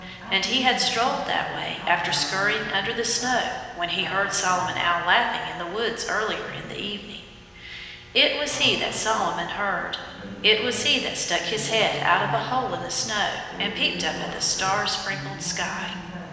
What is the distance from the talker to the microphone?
1.7 m.